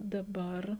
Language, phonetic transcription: Lithuanian, daˈbar

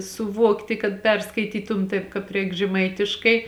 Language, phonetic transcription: Lithuanian, suˈvuokti kad ˈperskaitytum ˈtaip kāp ˈreik žeˈmaitiškai

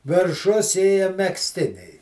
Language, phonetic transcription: Lithuanian, virˈšus ˈėja megzˈtiniai

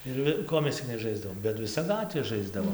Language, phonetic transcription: Lithuanian, ir ˈvi ˈko mes cik neˈžaisdavom bet viˈsa ˈgatvė ˈžaisdavom

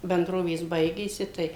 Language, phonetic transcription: Lithuanian, benˈdrovės ˈbaigėsi ˈtai

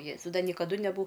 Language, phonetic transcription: Lithuanian, ˈjėzau ˈda niekaˈdu neˈbu

